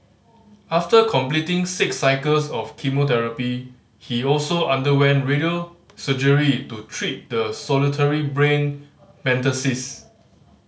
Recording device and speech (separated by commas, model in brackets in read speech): mobile phone (Samsung C5010), read sentence